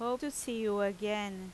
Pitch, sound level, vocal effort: 210 Hz, 87 dB SPL, loud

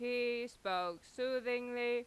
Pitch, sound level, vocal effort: 240 Hz, 94 dB SPL, loud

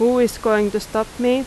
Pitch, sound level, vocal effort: 225 Hz, 87 dB SPL, loud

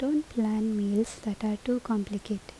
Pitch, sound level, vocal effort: 215 Hz, 75 dB SPL, soft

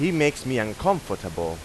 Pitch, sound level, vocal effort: 125 Hz, 92 dB SPL, loud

